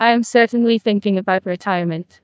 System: TTS, neural waveform model